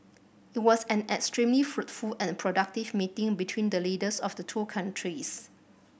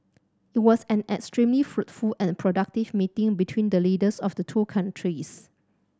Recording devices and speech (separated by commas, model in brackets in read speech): boundary microphone (BM630), standing microphone (AKG C214), read sentence